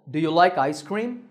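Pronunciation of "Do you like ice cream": The sentence has a rising tone: the voice goes up at the end, on 'ice cream'.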